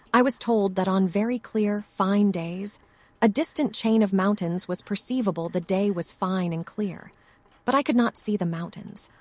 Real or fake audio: fake